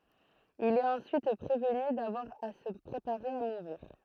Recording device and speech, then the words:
throat microphone, read sentence
Il est ensuite prévenu d’avoir à se préparer à mourir.

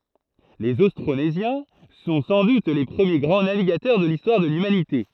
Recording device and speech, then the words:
throat microphone, read sentence
Les Austronésiens sont sans doute les premiers grands navigateurs de l'histoire de l'humanité.

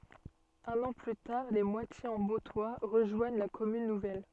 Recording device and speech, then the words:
soft in-ear microphone, read sentence
Un an plus tard, Les Moitiers-en-Bauptois rejoignent la commune nouvelle.

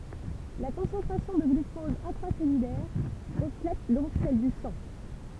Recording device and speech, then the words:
temple vibration pickup, read sentence
La concentration de glucose intracellulaire reflète donc celle du sang.

